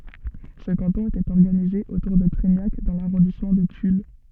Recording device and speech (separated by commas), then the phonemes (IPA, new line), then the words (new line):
soft in-ear microphone, read sentence
sə kɑ̃tɔ̃ etɛt ɔʁɡanize otuʁ də tʁɛɲak dɑ̃ laʁɔ̃dismɑ̃ də tyl
Ce canton était organisé autour de Treignac dans l'arrondissement de Tulle.